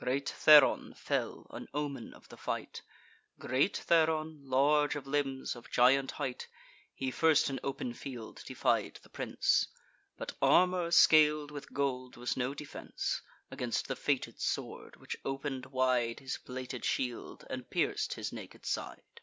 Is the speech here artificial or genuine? genuine